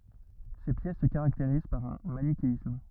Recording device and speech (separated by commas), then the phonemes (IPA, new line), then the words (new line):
rigid in-ear microphone, read sentence
se pjɛs sə kaʁakteʁiz paʁ œ̃ manikeism
Ces pièces se caractérisent par un manichéisme.